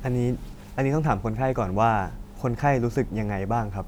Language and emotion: Thai, neutral